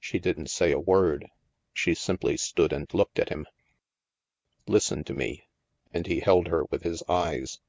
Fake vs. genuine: genuine